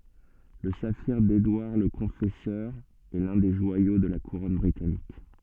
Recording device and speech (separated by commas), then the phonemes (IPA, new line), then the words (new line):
soft in-ear microphone, read sentence
lə safiʁ dedwaʁ lə kɔ̃fɛsœʁ ɛ lœ̃ de ʒwajo də la kuʁɔn bʁitanik
Le saphir d'Édouard le Confesseur est l'un des joyaux de la Couronne britannique.